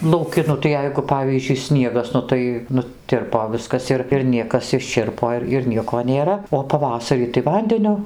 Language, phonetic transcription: Lithuanian, lauˈki ˈnu tai ˈjeigu ˈpavyzdžiui ˈsniegas ˈnu tai nuˈtirpo ˈviskas ir ir ˈniekas išˈčirpo ir ir ˈnieko nėˈra o paˈvasarį tai ˈvandeniu

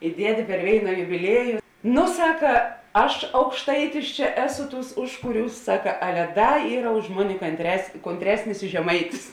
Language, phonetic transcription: Lithuanian, i ˈdiedė per ˈvėina jubiˈlieju ˈno ˈsaka ˈaš aukšˈtaitis čia ˈeˌsu ˈtūs ˈužkuˌriūs ˈsaka ˈale ˈda ˈyra už ˈmoni kantres kontˈresnis i žeˈmaitis

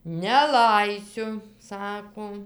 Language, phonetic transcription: Lithuanian, neˈlaisiu ˈsako

